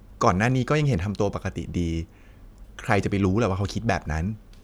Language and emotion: Thai, neutral